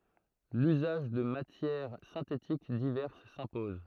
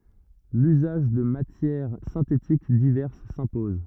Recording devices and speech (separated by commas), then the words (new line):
throat microphone, rigid in-ear microphone, read sentence
L'usage de matières synthétiques diverses s'impose.